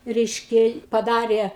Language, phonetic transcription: Lithuanian, ˈreiškia paˈdarė

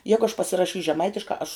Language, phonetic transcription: Lithuanian, ˈjegu aš pasiraˈšys' žeˈmaitiškā aš

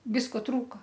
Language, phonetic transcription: Lithuanian, ˈvisko ˈtrūka

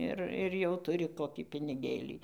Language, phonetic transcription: Lithuanian, ˈir ir jau tuˈri ˈkoˈkį piniˈgėlį

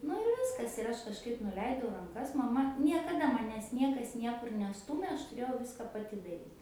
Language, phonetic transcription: Lithuanian, nu ir ˈviskas ir ˈaš kažˈkaip nuˈleidau ranˈkas maˈma niekaˈda maˈnęs ˈniekas ˈniekur neˈstūmė ˈaš tuˈrėjau ˈviska paˈti daˈryt

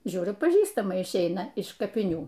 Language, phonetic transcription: Lithuanian, ˈžiūriu paˈžįstama išˈeina iš kapiˈnių

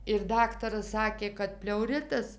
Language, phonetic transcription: Lithuanian, ir ˈdaktaras ˈsakė kad pleuˈritas

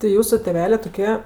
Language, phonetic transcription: Lithuanian, ti ˈjūsu tėˈvelė toˈkie

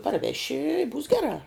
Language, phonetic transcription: Lithuanian, parˈveši i būs ˈgerā

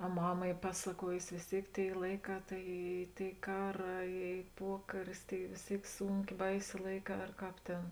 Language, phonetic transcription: Lithuanian, a ˈmama ˈy ˈpasaˌkuojusi vės ˈtėik ˈtėi ˈlaiˌkā ˈtai ˈy ˈtėi ˈkaˌrā ˈy ˈpuokaris tai vės ˈtėik ˈsūnkė ˈbaisė ˈlaiˌkā ar ˈkāp ˈtėn

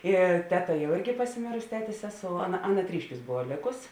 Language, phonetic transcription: Lithuanian, ˈi ˈteˌta jau ˈirgi pasiˈmėrusi ˈtetės ˈseˌsou ˈaˌna ˈaˌna ˈtryšˌkiūs ˈbova ˈlėkus

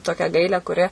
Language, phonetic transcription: Lithuanian, ˈtokią ˈgailę kuˈri

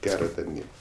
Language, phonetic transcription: Lithuanian, ˈgero tarˈny

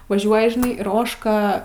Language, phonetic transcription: Lithuanian, vaˈžiuoji žiˈnai ir ˈožka

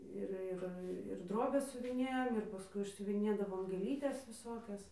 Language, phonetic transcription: Lithuanian, ˈir ˈir ir ˈdrobes siuviˈnėjom ir paˈskui išsiuviˈnėdavom gėˈlytes viˈsokias

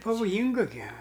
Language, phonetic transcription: Lithuanian, pavoˈjynga gi

